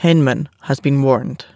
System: none